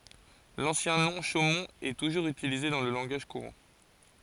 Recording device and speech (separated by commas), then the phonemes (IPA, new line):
forehead accelerometer, read sentence
lɑ̃sjɛ̃ nɔ̃ ʃomɔ̃t ɛ tuʒuʁz ytilize dɑ̃ lə lɑ̃ɡaʒ kuʁɑ̃